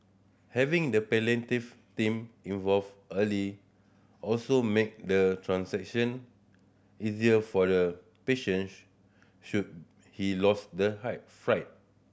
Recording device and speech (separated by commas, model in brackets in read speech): boundary microphone (BM630), read sentence